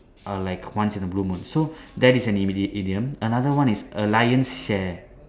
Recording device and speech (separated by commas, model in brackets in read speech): standing microphone, conversation in separate rooms